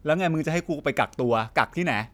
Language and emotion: Thai, angry